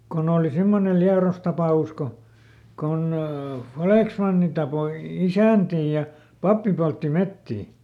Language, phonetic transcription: Finnish, ˈkon ‿ooli ˈsimmonel "Liaros ˈtapà₍us ko , kon ˈfalèksmanni tapoi ˈisä̀ntii ja , ˈpappi poltti ˈmettii .
- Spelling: kun oli semmoinen Liedossa tapaus kun kun vallesmanni tappoi isäntiä ja pappi poltti metsiä

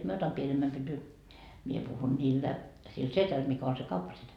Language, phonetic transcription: Finnish, 'mie otam "pienemmäm pyty » , 'mie puhun niillä , sil "setäl mikä on se "kauppasetä .
- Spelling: minä otan pienemmän pytyn minä puhun niille sille sedälle mikä on se kauppasetä

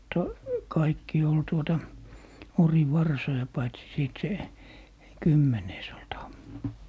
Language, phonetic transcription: Finnish, ta- , 'kaikki ol tuota , 'ori'varsoja paitsi 'sìt 'se , "kymmenees ‿ol 'tamma .
- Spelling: - kaikki oli tuota orivarsoja paitsi sitten se kymmenes oli tamma

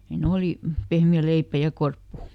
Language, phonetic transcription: Finnish, hiin̬ ˈolì , ˈpehmi₍ä ˈleipä ja "korppu .
- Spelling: siinä oli pehmeä leipä ja korppu

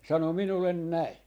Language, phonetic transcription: Finnish, ne 'sano 'minullen "näi .
- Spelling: ne sanoi minulle näin

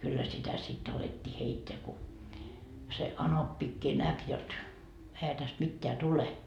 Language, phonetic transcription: Finnish, kyllä sitä 'sit alettii 'heitteä ku , se 'anoppikkii 'näk jot , ehä täst 'mitteä "tule .
- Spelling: kyllä sitä sitten alettiin heittää kun se anoppikin näki jotta eihän tästä mitään tule

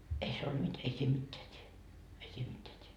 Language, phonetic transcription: Finnish, ei se olD mit- , » ei siim 'mitteä t́ie , ei 'siim mitteä t́ie .
- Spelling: ei se ollut - ei siinä mitään tee ei siinä mitään tee

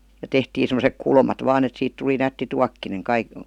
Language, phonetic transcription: Finnish, ja 'tehtii semosek "kulmat 'vaan ‿et 'siit tuli 'nätti 'tuakkineŋ kaik- ,.
- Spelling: ja tehtiin semmoiset kulmat vain että siitä tuli nätti tuokkonen -

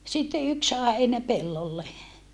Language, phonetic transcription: Finnish, sitte yks sàe heinäpellolle .
- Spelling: sitten yksi sai heinäpellolle

